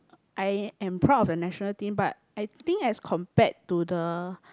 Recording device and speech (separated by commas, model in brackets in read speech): close-talking microphone, conversation in the same room